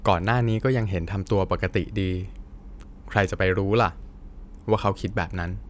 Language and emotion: Thai, neutral